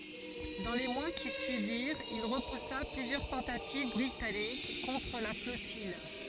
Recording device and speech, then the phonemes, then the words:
forehead accelerometer, read sentence
dɑ̃ le mwa ki syiviʁt il ʁəpusa plyzjœʁ tɑ̃tativ bʁitanik kɔ̃tʁ la flɔtij
Dans les mois qui suivirent, il repoussa plusieurs tentatives britanniques contre la flottille.

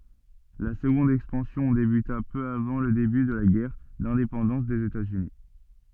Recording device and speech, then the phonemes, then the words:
soft in-ear microphone, read sentence
la səɡɔ̃d ɛkspɑ̃sjɔ̃ debyta pø avɑ̃ lə deby də la ɡɛʁ dɛ̃depɑ̃dɑ̃s dez etaz yni
La seconde expansion débuta peu avant le début de la guerre d'indépendance des États-Unis.

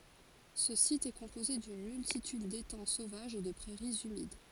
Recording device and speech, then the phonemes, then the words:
forehead accelerometer, read sentence
sə sit ɛ kɔ̃poze dyn myltityd detɑ̃ sovaʒz e də pʁɛʁiz ymid
Ce site est composé d'une multitude d'étangs sauvages et de prairies humides.

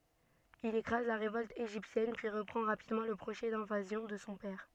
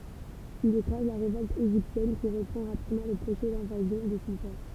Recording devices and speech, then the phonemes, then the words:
soft in-ear microphone, temple vibration pickup, read sentence
il ekʁaz la ʁevɔlt eʒiptjɛn pyi ʁəpʁɑ̃ ʁapidmɑ̃ lə pʁoʒɛ dɛ̃vazjɔ̃ də sɔ̃ pɛʁ
Il écrase la révolte égyptienne, puis reprend rapidement le projet d'invasion de son père.

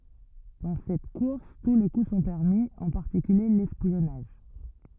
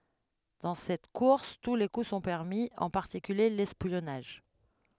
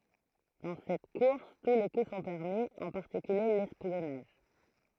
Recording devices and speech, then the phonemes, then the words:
rigid in-ear microphone, headset microphone, throat microphone, read sentence
dɑ̃ sɛt kuʁs tu le ku sɔ̃ pɛʁmi ɑ̃ paʁtikylje lɛspjɔnaʒ
Dans cette course tous les coups sont permis, en particulier l'espionnage.

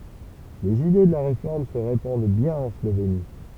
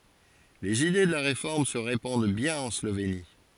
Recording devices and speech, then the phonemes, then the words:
temple vibration pickup, forehead accelerometer, read sentence
lez ide də la ʁefɔʁm sə ʁepɑ̃d bjɛ̃n ɑ̃ sloveni
Les idées de la Réforme se répandent bien en Slovénie.

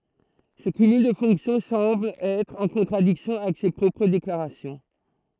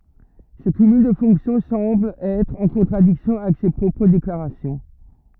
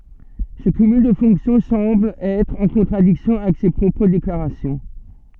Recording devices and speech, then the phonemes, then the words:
throat microphone, rigid in-ear microphone, soft in-ear microphone, read sentence
sə kymyl də fɔ̃ksjɔ̃ sɑ̃bl ɛtʁ ɑ̃ kɔ̃tʁadiksjɔ̃ avɛk se pʁɔpʁ deklaʁasjɔ̃
Ce cumul de fonctions semble être en contradiction avec ses propres déclarations.

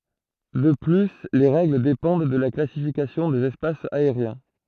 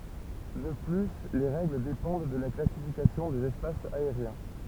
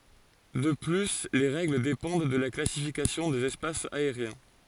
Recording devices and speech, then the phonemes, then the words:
throat microphone, temple vibration pickup, forehead accelerometer, read sentence
də ply le ʁɛɡl depɑ̃d də la klasifikasjɔ̃ dez ɛspasz aeʁjɛ̃
De plus les règles dépendent de la classification des espaces aériens.

